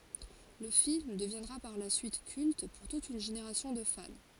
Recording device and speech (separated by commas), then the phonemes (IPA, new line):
forehead accelerometer, read sentence
lə film dəvjɛ̃dʁa paʁ la syit kylt puʁ tut yn ʒeneʁasjɔ̃ də fan